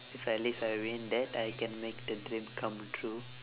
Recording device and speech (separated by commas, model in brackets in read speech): telephone, conversation in separate rooms